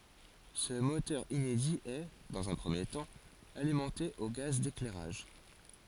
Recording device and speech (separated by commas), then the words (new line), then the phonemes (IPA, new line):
forehead accelerometer, read sentence
Ce moteur inédit est, dans un premier temps, alimenté au gaz d'éclairage.
sə motœʁ inedi ɛ dɑ̃z œ̃ pʁəmje tɑ̃ alimɑ̃te o ɡaz deklɛʁaʒ